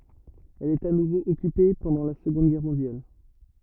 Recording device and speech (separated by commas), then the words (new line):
rigid in-ear microphone, read sentence
Elle est à nouveau occupée pendant la Seconde Guerre mondiale.